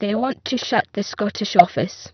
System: VC, spectral filtering